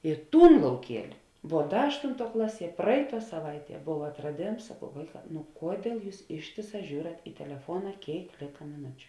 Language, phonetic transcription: Lithuanian, i ˈtūn lauˈkieli vuo ˈda ˈaštunˌtuo ˈklaˌsie ˈpraiˌtuo saˈvaiˌtie ˈbov atraˈdėms saˈkau ˈvaiˌkā nu ˈkuodiel ˈjūs ˈištėˌsā ˈžiūrat i teleˈfuona ˈkėik ˈlėka miˈnučiu

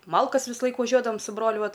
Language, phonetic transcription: Lithuanian, ˈmalkas visˈlaik vaˈžiuodavam su ˈbroliu ˈvat

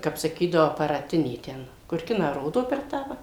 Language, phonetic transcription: Lithuanian, ˈkap saˈkydavo aparaˈtinė ˈten kur ˈkiną ˈrodo per ˈtą va

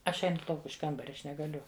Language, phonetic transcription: Lithuanian, ˈaš ˈeinu ˈlauk iš ˈkambaria aš negaˈliu

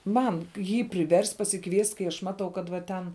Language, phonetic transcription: Lithuanian, ˈman ˈjį priˈverst' pasiˈkviest' kai aš ˈmatau kad va ˈten

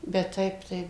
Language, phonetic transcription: Lithuanian, bet ˈtaip tai

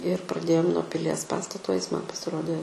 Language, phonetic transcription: Lithuanian, ir praˈdėjom nuo piˈlies ˈpastato is man pasiˈrodė

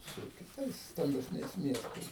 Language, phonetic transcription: Lithuanian, su kiˈtais stambesˈniais ˈmiestais

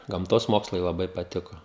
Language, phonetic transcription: Lithuanian, gamˈtos ˈmokslai laˈbai paˈtiko

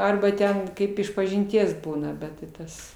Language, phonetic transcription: Lithuanian, ˈarba ˈten ˈkaip išpažinˈties ˈbūna ˈbet ti ˈtas

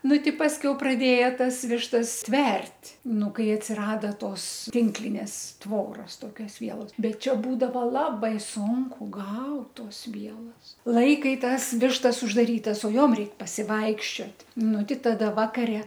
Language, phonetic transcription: Lithuanian, ˈnu ˈti ˈpaskiau praˈdėja ˈtas ˈvištas ˈtvert' ˈnu ˈkai atsiˈrada ˈtos ˈtinklinės ˈtvoras ˈtokios ˈvielos ˈbet ˈčia ˈbūdava ˈlabai ˈsunku ˈgaut ˈtos ˈvielos ˈlaikai ˈtas ˈvištas uždaˈrytas o ˈjom ˈreik pasiˈvaikščiot' ˈnu ˈti ˈtada ˈvakare

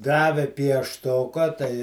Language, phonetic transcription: Lithuanian, ˈdave piešˈtoka tai

